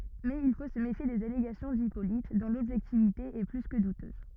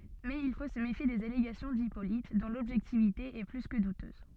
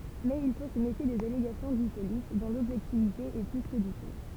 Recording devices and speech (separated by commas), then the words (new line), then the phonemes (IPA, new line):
rigid in-ear microphone, soft in-ear microphone, temple vibration pickup, read sentence
Mais il faut se méfier des allégations d'Hippolyte, dont l'objectivité est plus que douteuse.
mɛz il fo sə mefje dez aleɡasjɔ̃ dipolit dɔ̃ lɔbʒɛktivite ɛ ply kə dutøz